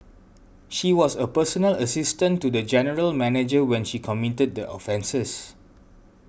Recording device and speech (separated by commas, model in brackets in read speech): boundary microphone (BM630), read sentence